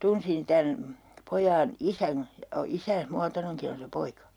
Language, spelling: Finnish, tunsin tämän pojan isän ja isänsä muotoinenkin on se poika
- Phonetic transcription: 'tunsin 'tän , 'pojaan "isän , ja isääs 'muatoneŋki on se 'poika .

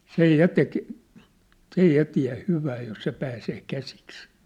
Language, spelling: Finnish, sen ja teki se ei ja tiedä hyvää jos se pääsee käsiksi
- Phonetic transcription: 'sej 'ja tek , 's ‿ei 'ja tiä̭ 'hyvää jos 'se pääsee 'käsiks .

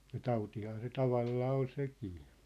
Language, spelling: Finnish, ja tautihan se tavallaan oli sekin
- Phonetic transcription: ja 'tautihaa se 'tavallaa ol 'sekii .

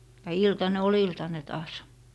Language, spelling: Finnish, ja iltanen oli iltanen taas
- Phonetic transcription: ja "iltane 'o"l ‿iltane taas .

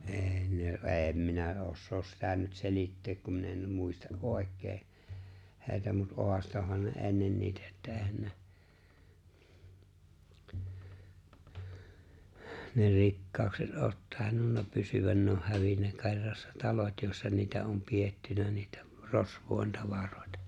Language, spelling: Finnish, ei ne en minä osaa sitä nyt selittää kun minä en muista oikein heitä mutta haastoihan ne ennen niitä että eihän ne ne rikkaudet ole tainnut pysyä ne olisi hävinnyt kerrassaan talot joissa niitä on pidetty niitä rosvojen tavaroita
- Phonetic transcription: '’e̬e̬ ne , "e̬e̬m minä '’ossoos sitä nyt 'selitteek kum min ‿em 'muista’ "’òek̆kee , hè̬i̬tä mut 'hoastohan ne '’e̬nnen niitᴀ̈ että '’e̬e̬hän ne , ne 'rikkàukset '’oot 'tài̬nnunna 'pysyvän ne oh̆ 'hävinnä 'ke̬rrassᴀ 'talot jòi̬ssa 'niitä om 'piettynä niitᴀ̈ , 'rosv̀òi̬n 'tavarᴏ̀ɪ̬tᴀ .

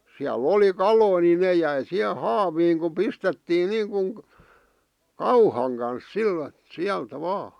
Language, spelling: Finnish, siellä oli kaloja niin ne jäi siihen haaviin kun pistettiin niin kuin kauhan kanssa - sieltä vain
- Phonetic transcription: 'siäl"ˡ ‿oli "kaloi ni 'nè jäi "siʰe "haaviiŋ ku 'pistettiin 'niiŋkuŋ , "kauhaŋ kans "sil- , 'siältä 'vaa .

